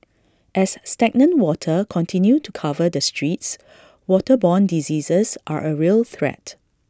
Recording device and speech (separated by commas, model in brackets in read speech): standing microphone (AKG C214), read sentence